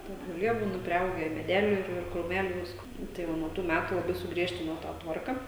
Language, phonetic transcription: Lithuanian, ˈten žoˈlie ˈbūna priˈaugę i meˈdelių ir ir krūˈmelių ˈvisko nu tai ˈva nuo ˈtų ˈmætu laˈbai suˈgriežtino tą ˈtvarka

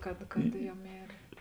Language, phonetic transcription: Lithuanian, kad ˈjau ˈmėrė

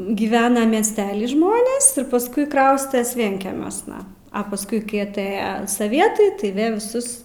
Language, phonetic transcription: Lithuanian, giˈvena miesˈteli ˈžmonės ir pasˈkui ˈkraustes ˈvienkemiuosna a pasˈkui ˈkai aˈtɘja saˈvietai tai ˈvė viˈsus

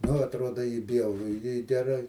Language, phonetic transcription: Lithuanian, nu atˈruoda i ˈbjauru i geˈrai

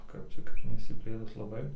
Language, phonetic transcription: Lithuanian, ˈkap čia kad neišsiˈplėtus laˈbai

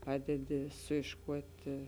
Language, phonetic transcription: Lithuanian, ˈpadedi suyšˈkuoti

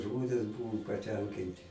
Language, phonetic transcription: Lithuanian, ˈžmonės ˈbuvu paˈtenkinti

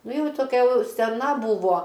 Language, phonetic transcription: Lithuanian, ˈnu ˈjau toˈkia ˈjau seˈna ˈbūvo

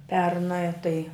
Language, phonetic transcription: Lithuanian, ˈpernɜ tai

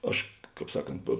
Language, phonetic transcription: Lithuanian, ˈaš ˈkāp ˈsaˌkant po

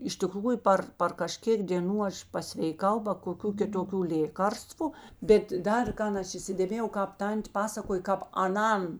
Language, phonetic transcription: Lithuanian, iš tiˈkrųju ˈpar par kaˈžkėk dėˈnų ˈaš pasveiˈkau ba koˈkių kitoˈkių ˈlėkarstvu ˈbet ˈdar ˈkan ˈaš įsidėˈmėjau ˈkāp ˈtan't' ˈpasakoj kāp aˈnan

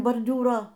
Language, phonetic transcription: Lithuanian, borˈdiūro

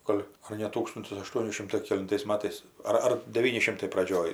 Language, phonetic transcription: Lithuanian, ˈgol' ar ne ˈtūkstuntis aˈštuoni ˈšimtai kelinˈtais ˈmatais ar ˈar deˈvyni ˈšimtai praˈdžioj

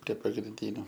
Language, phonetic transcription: Lithuanian, prie pagrinˈdyniu

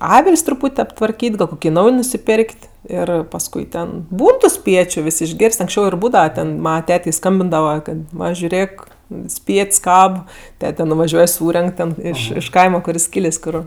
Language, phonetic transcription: Lithuanian, ˈavil's' truˈpūt' aptvarˈkyt' gal ˈkoki ˈnauj nusiˈpėr'k't' ˈir pasˈkui ˈten ˈbūn ˈtų ˈspiečiu ˈvis išˈgėr's't' anksˈčiau ir ˈbūdava ten ˈmana ˈtetei ˈskambindava ˈkad ˈva žiuˈrėk ˈspiet's' ˈkab ˈtete nuvaˈžiuoj ˈsūrenk ten ˈiš iš ˈkaima ˈkur jis ˈkylės' ˈkur

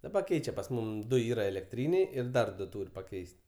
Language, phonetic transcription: Lithuanian, daˈba ˈkeičia pas ˈmum ˈdu ˈyra elekˈtryniai ir ˈdar ˈduo ˈtūr' paˈkeis't'

